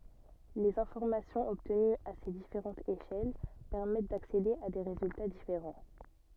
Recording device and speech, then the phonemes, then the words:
soft in-ear microphone, read sentence
lez ɛ̃fɔʁmasjɔ̃z ɔbtənyz a se difeʁɑ̃tz eʃɛl pɛʁmɛt daksede a de ʁezylta difeʁɑ̃
Les informations obtenues à ces différentes échelles permettent d'accéder à des résultats différents.

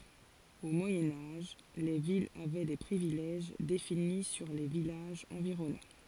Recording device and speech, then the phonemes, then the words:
forehead accelerometer, read sentence
o mwajɛ̃ aʒ le vilz avɛ de pʁivilɛʒ defini syʁ le vilaʒz ɑ̃viʁɔnɑ̃
Au Moyen Âge, les villes avaient des privilèges définis sur les villages environnants.

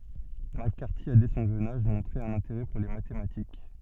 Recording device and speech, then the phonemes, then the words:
soft in-ear microphone, read sentence
mak kaʁti a dɛ sɔ̃ ʒøn aʒ mɔ̃tʁe œ̃n ɛ̃teʁɛ puʁ le matematik
McCarthy a dès son jeune âge montré un intérêt pour les mathématiques.

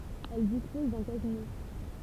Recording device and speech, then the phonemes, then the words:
temple vibration pickup, read sentence
ɛl dispɔz dœ̃ kazino
Elle dispose d'un casino.

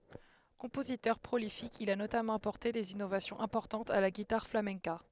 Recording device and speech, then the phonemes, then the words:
headset microphone, read sentence
kɔ̃pozitœʁ pʁolifik il a notamɑ̃ apɔʁte dez inovasjɔ̃z ɛ̃pɔʁtɑ̃tz a la ɡitaʁ flamɛ̃ka
Compositeur prolifique, il a notamment apporté des innovations importantes à la guitare flamenca.

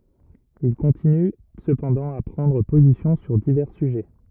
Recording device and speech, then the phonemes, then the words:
rigid in-ear microphone, read sentence
il kɔ̃tiny səpɑ̃dɑ̃ a pʁɑ̃dʁ pozisjɔ̃ syʁ divɛʁ syʒɛ
Il continue cependant à prendre position sur divers sujets.

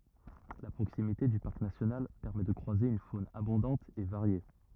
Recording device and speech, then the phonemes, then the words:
rigid in-ear microphone, read sentence
la pʁoksimite dy paʁk nasjonal pɛʁmɛ də kʁwaze yn fon abɔ̃dɑ̃t e vaʁje
La proximité du parc national permet de croiser une faune abondante et variée.

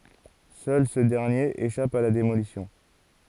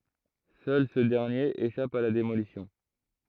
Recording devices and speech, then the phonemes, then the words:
forehead accelerometer, throat microphone, read sentence
sœl sə dɛʁnjeʁ eʃap a la demolisjɔ̃
Seul ce dernier échappe à la démolition.

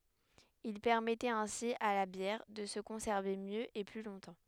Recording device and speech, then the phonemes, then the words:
headset microphone, read sentence
il pɛʁmɛtɛt ɛ̃si a la bjɛʁ də sə kɔ̃sɛʁve mjø e ply lɔ̃tɑ̃
Il permettait ainsi à la bière de se conserver mieux et plus longtemps.

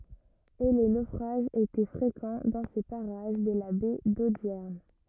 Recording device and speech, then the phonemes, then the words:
rigid in-ear microphone, read sentence
e le nofʁaʒz etɛ fʁekɑ̃ dɑ̃ se paʁaʒ də la bɛ dodjɛʁn
Et les naufrages étaient fréquents dans ces parages de la baie d'Audierne.

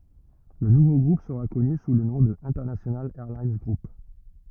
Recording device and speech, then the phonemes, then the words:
rigid in-ear microphone, read sentence
lə nuvo ɡʁup səʁa kɔny su lə nɔ̃ də ɛ̃tɛʁnasjonal ɛʁlin ɡʁup
Le nouveau groupe sera connu sous le nom de International Airlines Group.

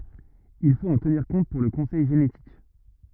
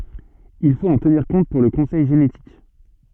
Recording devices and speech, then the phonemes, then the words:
rigid in-ear microphone, soft in-ear microphone, read sentence
il fot ɑ̃ təniʁ kɔ̃t puʁ lə kɔ̃sɛj ʒenetik
Il faut en tenir compte pour le conseil génétique.

